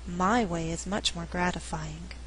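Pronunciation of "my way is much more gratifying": In 'my way is much more gratifying', the function word 'my' is stressed for emphasis, contrasting 'my way' with another way.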